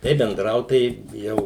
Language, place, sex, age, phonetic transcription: Lithuanian, Suvalkija, male, 60+, tai benˈdraut ˈtai ˈjau

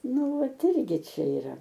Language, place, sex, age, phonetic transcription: Lithuanian, Aukštaitija, female, 60+, ˈnu ˈvat ˈirgi ˈčia yˈra

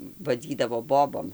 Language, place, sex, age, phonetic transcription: Lithuanian, Dzūkija, female, 60+, vaˈdzydavo ˈbobom

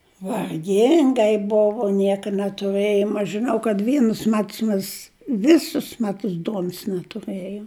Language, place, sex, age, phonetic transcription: Lithuanian, Žemaitija, female, 60+, varˈgingai ˈbovo ˈnieka netuˈrɘjom aš žiˈnau kad ˈvienus ˈmets ˈmės ˈvisus ˈmetus ˈduonus netuˈrɘjom

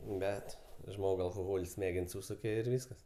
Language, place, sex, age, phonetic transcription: Lithuanian, Aukštaitija, male, 18-60, ˈbet ˈžmog alkoˈhol's' ˈsmegen's' ˈsūsuke ir ˈvyskas

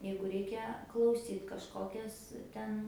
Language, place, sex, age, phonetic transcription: Lithuanian, Aukštaitija, female, 18-60, ˈjeigu ˈreikia klauˈsyt kažˈkokias ˈten

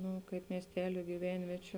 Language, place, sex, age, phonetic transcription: Lithuanian, Žemaitija, female, 18-60, ˈnu kaip miesˈteliu giˈvenviečiu

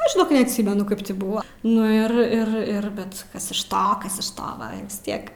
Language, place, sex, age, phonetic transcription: Lithuanian, Aukštaitija, female, 18-60, ˈaš žiˈnok neatˈsymenu ˈkaip ti ˈbūva nu ir ˈir ˈir ˈbet ˈkas iš ˈto ˈkas iš ˈto ˈva i vis ˈtiek

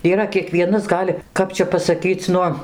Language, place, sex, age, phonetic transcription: Lithuanian, Dzūkija, female, 60+, yˈra kieˈkvienas ˈgali ˈkap čia pasaˈkyc ˈnu

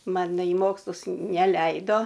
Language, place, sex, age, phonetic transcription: Lithuanian, Aukštaitija, female, 60+, ˈman na į ˈmokslus neˈleido

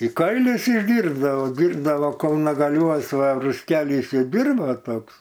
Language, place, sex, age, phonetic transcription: Lithuanian, Aukštaitija, male, 60+, i ˈkailius išˈdyrbdavo ˈdyrbdavo kalnagaˈliuos ˈva rusˈkelys ir ˈdirbo ˈtoks

